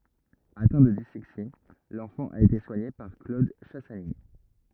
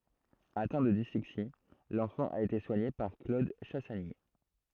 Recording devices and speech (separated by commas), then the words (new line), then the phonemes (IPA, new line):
rigid in-ear microphone, throat microphone, read sentence
Atteint de dyslexie, l'enfant a été soigné par Claude Chassagny.
atɛ̃ də dislɛksi lɑ̃fɑ̃ a ete swaɲe paʁ klod ʃasaɲi